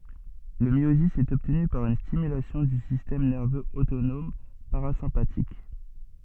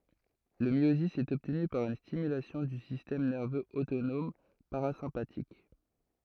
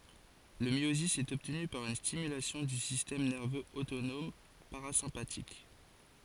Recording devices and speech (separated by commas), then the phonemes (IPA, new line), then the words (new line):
soft in-ear microphone, throat microphone, forehead accelerometer, read sentence
lə mjozi ɛt ɔbtny paʁ yn stimylasjɔ̃ dy sistɛm nɛʁvøz otonɔm paʁazɛ̃patik
Le myosis est obtenu par une stimulation du système nerveux autonome parasympathique.